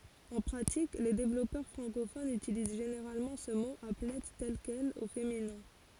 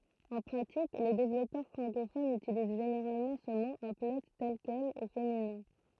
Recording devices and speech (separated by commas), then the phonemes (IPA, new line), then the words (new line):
forehead accelerometer, throat microphone, read sentence
ɑ̃ pʁatik le devlɔpœʁ fʁɑ̃kofonz ytiliz ʒeneʁalmɑ̃ sə mo aplɛ tɛl kɛl o feminɛ̃
En pratique, les développeurs francophones utilisent généralement ce mot applet tel quel, au féminin.